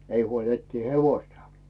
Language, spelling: Finnish, ei huoli etsiä hevosta
- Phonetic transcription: 'ei huol ettii "hevoⁱstᴀ « .

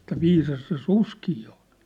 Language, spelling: Finnish, että viisas se susikin on
- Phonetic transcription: että "viisas se "suskii on̬ .

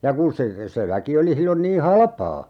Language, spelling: Finnish, ja kun se se väki oli silloin niin halpaa
- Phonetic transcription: ja 'kun se , se 'väki oli 'sillon nii "halᵃpaa !

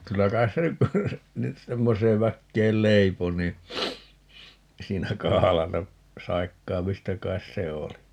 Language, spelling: Finnish, kyllä kai se nyt nyt semmoiseen väkeen leipoi niin siinä kahlata saikkaamista kai se oli
- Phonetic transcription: 'kyllä 'kais se ny , 'nyt 'semmoseev 'väkkeel "leipo nii , 'siinä "kahalata , "saikkaamista 'kais 'se 'oli .

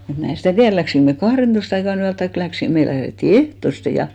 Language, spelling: Finnish, mutta minä en sitä tiedä lähdimmekö me kahdentoista aikaan yöllä tai lähdimme me lähdettiin ehtoisin ja
- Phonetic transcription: mut 'mä en̬ stä̀ "tiär 'läksiŋk me 'kahrentoist ‿aika'n ‿yäl taik 'läksin , 'me lähretti "ehtoste ja .

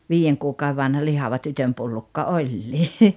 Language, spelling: Finnish, viiden kuukauden vanha lihava tytönpullukka olikin
- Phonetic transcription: 'viijeŋ kuukau₍e vanha "lihava "tytömpullukka "oĺĺii .

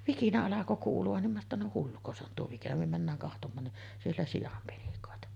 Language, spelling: Finnish, vikinä alkoi kuulua niin minä että no hulluko se on tuo vai mikä niin mennään katsomaan niin siellä sian penikoita
- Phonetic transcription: 'vikinä alako kuulu₍an nim minä ‿ttä » no 'hulluko se on tuo vam mikä « nim 'männääŋ kahtom̆maan ni’ , 'siellä "sijam 'penikòeta .

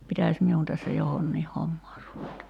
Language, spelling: Finnish, pitäisi minun tässä johonkin hommaan ruveta
- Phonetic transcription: pitä̀ś 'miun tässä 'johonniih "hommaar ruveta .

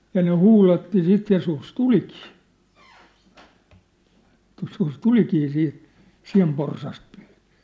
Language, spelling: Finnish, ja ne huudatti sitten ja susi tulikin joskus tulikin siitä sianporsasta pyytämään
- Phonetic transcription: ja ne "huulatti "sit ja 'sus "tulikii , joskus "tulikii siit , "si̳a̳mporsast pyy(tää) .

